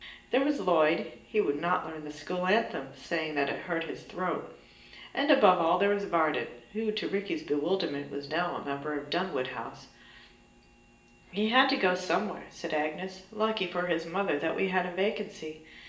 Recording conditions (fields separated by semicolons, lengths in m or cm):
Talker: one person; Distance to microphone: 1.8 m; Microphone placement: close; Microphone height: 1.0 m; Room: large; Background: none